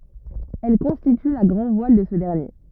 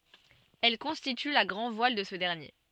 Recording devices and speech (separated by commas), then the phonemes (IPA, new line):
rigid in-ear microphone, soft in-ear microphone, read sentence
ɛl kɔ̃stity la ɡʁɑ̃dvwal də sə dɛʁnje